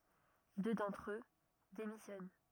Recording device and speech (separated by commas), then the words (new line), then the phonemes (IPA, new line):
rigid in-ear microphone, read sentence
Deux d'entre eux démissionnent.
dø dɑ̃tʁ ø demisjɔn